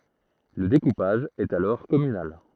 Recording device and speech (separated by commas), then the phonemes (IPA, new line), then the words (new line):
throat microphone, read sentence
lə dekupaʒ ɛt alɔʁ kɔmynal
Le découpage est alors communal.